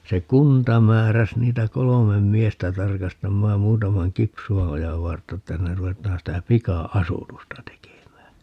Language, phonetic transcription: Finnish, se 'kunta 'määräs 'niitä "kolomem 'miestä 'tarkastammaam 'muutamaŋ "Kipsu₍a₍ojav 'vartta että hinner 'ruvet̀aan sitä 'pika₍"asutusta 'tekemää .
- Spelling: se kunta määräsi niitä kolme miestä tarkastamaan muutaman Kipsuanojan vartta että sinne ruvetaan sitä pika-asutusta tekemään

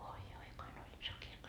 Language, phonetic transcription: Finnish, 'oi oi kuin oĺ 'iso kirkko .
- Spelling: oi oi kuinka oli iso kirkko

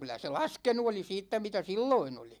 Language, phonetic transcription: Finnish, 'kylä se "laskenu oli 'siittä mitä "silloin ‿oli .
- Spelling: kyllä se laskenut oli siitä mitä silloin oli

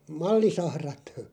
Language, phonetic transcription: Finnish, mallisahrat .
- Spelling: mallisahrat

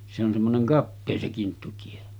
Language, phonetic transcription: Finnish, se ‿on semmoneŋ 'kappee se 'kinttutie .
- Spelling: se on semmoinen kapea se kinttutie

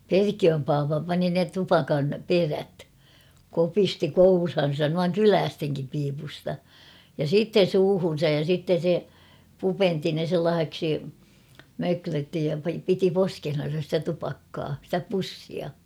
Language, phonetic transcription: Finnish, Perkiöm paapa 'pani ne 'tupakan , "perät , 'kopisti "kourhan̬san nuaŋ "kyläästeŋkim piipusta , ja "siitten̬ 'suuhun̬saj ja 'sitten̬ se , "pupenti ne 'sellaah̬eksi , 'möklötti ja piti "poskehnan̬sa ‿stä 'tupakkaa , sⁱtä 'pussia .
- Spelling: Perkiön pappa pani ne tupakan perät kopisti kouraansa noin kyläistenkin piipusta ja sitten suuhunsa ja sitten se pupenti ne sellaiseksi möklötti ja piti poskessaan sitä tupakkaa sitä pussia

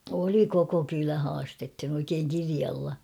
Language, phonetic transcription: Finnish, 'oli 'koko "kylä 'haastethin ‿oikeeŋ "kirialla .
- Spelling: oli koko kylä haastettiin oikein kirjalla

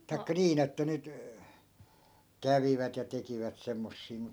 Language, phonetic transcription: Finnish, tai̮kka 'niin ‿että 'nyt , 'kävivät ja 'tekivät 'semmossii mut ,.
- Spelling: tai niin että nyt kävivät ja tekivät semmoisia mutta

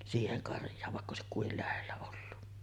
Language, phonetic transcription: Finnish, 'siiheŋ karj̀aav vàekk ‿òesik 'kuil lähellä ollu .
- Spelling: siihen karjaan vaikka olisi kuinka lähellä ollut

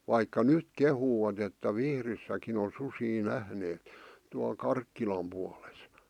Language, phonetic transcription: Finnish, 'vaikka "nyt 'kehuu₍at että "Vihrissäkin on 'susii "nähneet , tual 'Karkkilam puales .
- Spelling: vaikka nyt kehuvat että Vihdissäkin on susia nähneet tuolla Karkkilan puolessa

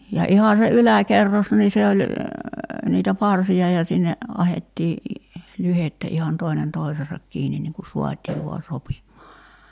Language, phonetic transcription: Finnish, ja 'iha se "yläkerros nii 'se oĺ , 'niitä "parsi₍a ja sinne , 'ahettii , 'lyhettä ihan 'toinen "toi̬seesak 'kiinin niŋ ku 'suat́ii vua 'sopim̀aa .
- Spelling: ja ihan se yläkerros niin se oli niitä parsia ja sinne ahdettiin lyhdettä ihan toinen toisensa kiinni niin kuin saatiin vain sopimaan

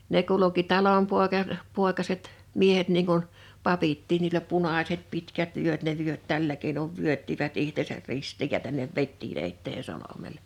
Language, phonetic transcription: Finnish, 'ne kuluki 'talompòeka , -'pòekaset , 'miehet niiŋ kun , 'papittiin niilä "punàset 'pitkät 'vyöt ne 'vyöt 'tällä keinov 'vyöttivät 'ihtesär 'rist̀iij ja tännev "vettii'n ‿eittee 'solomel(e) .
- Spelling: ne kulki talonpoika poikaset miehet niin kuin papitkin niillä punaiset pitkät vyöt ne vyöt tällä keinoin vyöttivät itsensä ristiin ja tänne vedettiin eteen solmulle

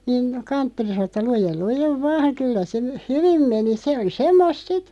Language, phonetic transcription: Finnish, niin , "kanttori 'sano ‿tta » 'lujel 'lujev "vaaŋ 'kyllä se , "hyvim 'meni « se o(li) 'semmosᵗ "sit ,.
- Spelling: niin kanttori sanoi että lue lue vain kyllä se hyvin meni se oli semmoista sitten

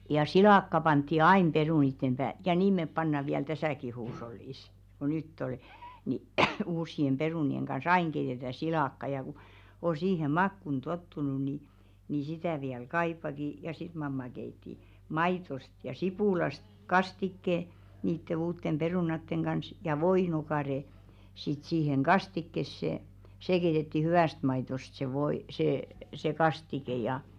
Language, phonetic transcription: Finnish, ja "silàkka pantti "ain 'perùnittem ʙää- ja 'niim mep panna viäl "täsä̀ki 'huush̬ollìs , ko nytt ‿ol , ni 'uušsi₍em 'ʙerùni₍eŋ kan̬"s ‿aiŋ 'keitetä "silakka ja ku , o siihem̆ "makkun 'tottunu ni , ni 'sitä̀ viäl "kaippaki , ja "sit 'mamma keitti , 'maitost ja 'sipùlast "kastikke , niitte 'uuttem 'perùnatteŋ ɢans , ja 'voino̭kàre , sit 'siiheŋ "ɢastikkesse , 'see keitetti "hyʷä̀st maitost se 'voi- see , se "kastike ja əə .
- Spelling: ja silakkaa pantiin aina perunoiden päälle ja niin me pannaan vielä tässäkin huushollissa kun nyt oli niin uusien perunoiden kanssa aina keitetään silakkaa ja kun on siihen makuun tottunut niin niin sitä vielä kaipaakin ja sitten mamma keitti maidosta ja sipulista kastikkeen niiden uusien perunoiden kanssa ja voinokare sitten siihen kastikkeeseen se keitettiin hyvästä maidosta se - se se kastike ja -

